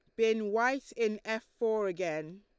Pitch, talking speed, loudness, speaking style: 220 Hz, 165 wpm, -32 LUFS, Lombard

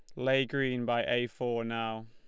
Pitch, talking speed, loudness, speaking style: 120 Hz, 190 wpm, -31 LUFS, Lombard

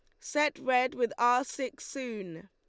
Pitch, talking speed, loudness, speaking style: 250 Hz, 160 wpm, -30 LUFS, Lombard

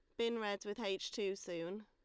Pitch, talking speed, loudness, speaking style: 200 Hz, 220 wpm, -41 LUFS, Lombard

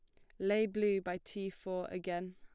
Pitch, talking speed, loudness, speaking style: 190 Hz, 190 wpm, -37 LUFS, plain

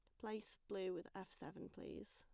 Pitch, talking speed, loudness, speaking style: 195 Hz, 185 wpm, -51 LUFS, plain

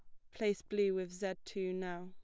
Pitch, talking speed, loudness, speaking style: 190 Hz, 215 wpm, -38 LUFS, plain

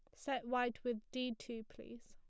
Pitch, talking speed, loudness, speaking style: 240 Hz, 195 wpm, -42 LUFS, plain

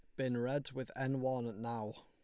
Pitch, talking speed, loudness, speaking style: 130 Hz, 200 wpm, -39 LUFS, Lombard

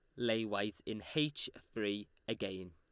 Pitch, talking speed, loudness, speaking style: 105 Hz, 145 wpm, -39 LUFS, Lombard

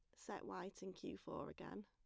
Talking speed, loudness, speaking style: 215 wpm, -51 LUFS, plain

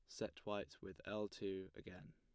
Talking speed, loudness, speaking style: 185 wpm, -49 LUFS, plain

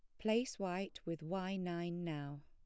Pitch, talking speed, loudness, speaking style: 180 Hz, 160 wpm, -41 LUFS, plain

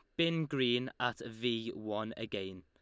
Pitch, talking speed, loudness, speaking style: 115 Hz, 150 wpm, -36 LUFS, Lombard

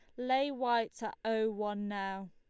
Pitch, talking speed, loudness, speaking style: 220 Hz, 170 wpm, -35 LUFS, Lombard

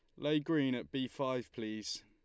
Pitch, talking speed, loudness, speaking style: 130 Hz, 195 wpm, -37 LUFS, Lombard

